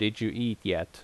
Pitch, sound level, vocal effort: 105 Hz, 81 dB SPL, normal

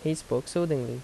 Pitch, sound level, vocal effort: 155 Hz, 80 dB SPL, normal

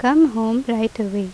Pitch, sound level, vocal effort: 225 Hz, 83 dB SPL, normal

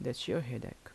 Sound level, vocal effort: 76 dB SPL, soft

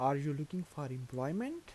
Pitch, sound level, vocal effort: 145 Hz, 82 dB SPL, soft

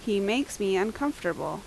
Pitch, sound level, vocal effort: 200 Hz, 82 dB SPL, loud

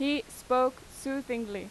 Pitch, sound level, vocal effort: 255 Hz, 89 dB SPL, very loud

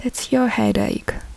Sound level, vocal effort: 71 dB SPL, soft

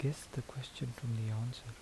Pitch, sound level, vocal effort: 125 Hz, 71 dB SPL, soft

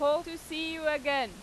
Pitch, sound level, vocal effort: 300 Hz, 96 dB SPL, very loud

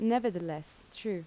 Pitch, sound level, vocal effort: 205 Hz, 82 dB SPL, normal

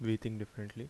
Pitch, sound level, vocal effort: 110 Hz, 77 dB SPL, soft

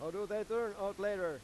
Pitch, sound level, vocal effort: 205 Hz, 99 dB SPL, loud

